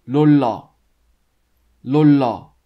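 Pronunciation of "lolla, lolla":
The word 'roller' is said with the Korean L sound for both the R and the L, so it sounds like 'lolla' instead of the English 'roller'.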